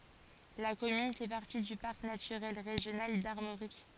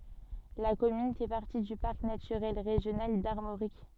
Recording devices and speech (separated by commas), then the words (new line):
forehead accelerometer, soft in-ear microphone, read sentence
La commune fait partie du Parc naturel régional d'Armorique.